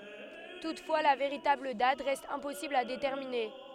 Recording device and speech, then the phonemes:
headset microphone, read sentence
tutfwa la veʁitabl dat ʁɛst ɛ̃pɔsibl a detɛʁmine

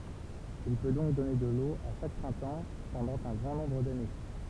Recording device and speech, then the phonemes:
temple vibration pickup, read sentence
il pø dɔ̃k dɔne də lo a ʃak pʁɛ̃tɑ̃ pɑ̃dɑ̃ œ̃ ɡʁɑ̃ nɔ̃bʁ dane

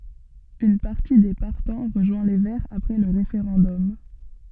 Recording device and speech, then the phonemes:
soft in-ear microphone, read sentence
yn paʁti de paʁtɑ̃ ʁəʒwɛ̃ le vɛʁz apʁɛ lə ʁefeʁɑ̃dɔm

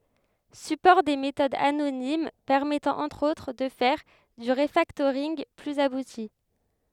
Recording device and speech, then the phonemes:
headset microphone, read sentence
sypɔʁ de metodz anonim pɛʁmɛtɑ̃ ɑ̃tʁ otʁ də fɛʁ dy ʁəfaktoʁinɡ plyz abuti

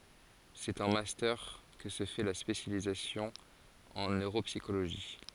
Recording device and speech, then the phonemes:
forehead accelerometer, read sentence
sɛt ɑ̃ mastœʁ kə sə fɛ la spesjalizasjɔ̃ ɑ̃ nøʁopsikoloʒi

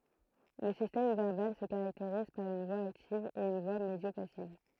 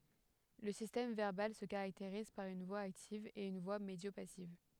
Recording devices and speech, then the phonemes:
throat microphone, headset microphone, read sentence
lə sistɛm vɛʁbal sə kaʁakteʁiz paʁ yn vwa aktiv e yn vwa medjopasiv

